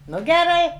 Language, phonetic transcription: Lithuanian, ˈnu geˈrai

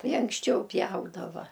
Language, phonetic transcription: Lithuanian, ˈtai anksˈčiau ˈpjaudava

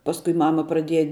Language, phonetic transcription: Lithuanian, ˈpaskui ˈmama praˈdieja

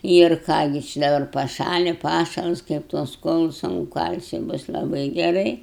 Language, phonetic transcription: Lithuanian, ir ˈką gi či daˈbar paˈšali ˈpašals kaip tuos ˈkuolus anu ˈkalsi ˈbus laˈbai geˈrai

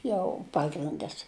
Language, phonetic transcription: Lithuanian, ˈjau ˈpagrindas

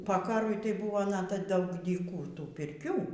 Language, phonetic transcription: Lithuanian, po ˈkarui tai ˈbuvo ˈnata ˈbuvo ˈdaug dyˈkų ˈtų pirˈkių

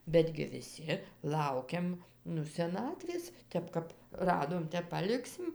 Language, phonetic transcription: Lithuanian, ˈbetgi viˈsi ˈlaukiam ˈnu seˈnatvės ˈtep kap ˈradom ˈtep paˈliksim

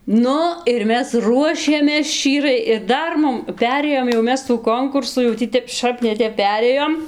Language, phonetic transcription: Lithuanian, ˈnu ir ˈmes ˈruošėmės ˈščyrai ir ˈdar ˈmum ˈperėjom jau ˈmes tų ˈkonkursų jau ˈtį ˈtep ˈšap ne ˈtep ˈperėjom

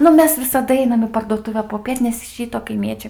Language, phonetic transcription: Lithuanian, ˈnu ˈmes visaˈda ˈeinam į parduoˈtuve poˈpiet nes iš ˈryto kaiˈmiečiai

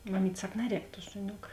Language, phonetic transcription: Lithuanian, maˈmyt' ˈsak ˈnaˌrēk tuo šuˈniok

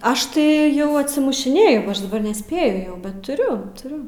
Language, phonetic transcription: Lithuanian, ˈaš tai ˈjau atsimušiˈnėju go ˈaš daˈbar neˈspėju jau bet tuˈriu tuˈriu

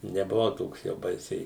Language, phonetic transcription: Lithuanian, nebuˈvau ˈtoks jau ˈbaisiai

